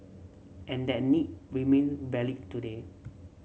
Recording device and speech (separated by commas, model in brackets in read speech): mobile phone (Samsung C7), read sentence